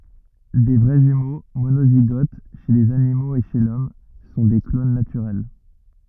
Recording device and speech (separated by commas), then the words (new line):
rigid in-ear microphone, read sentence
Des vrais jumeaux, monozygotes, chez les animaux et chez l'Homme sont des clones naturels.